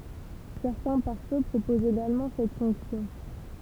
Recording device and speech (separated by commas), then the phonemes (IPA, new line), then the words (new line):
temple vibration pickup, read sentence
sɛʁtɛ̃ paʁfø pʁopozt eɡalmɑ̃ sɛt fɔ̃ksjɔ̃
Certains pare-feu proposent également cette fonction.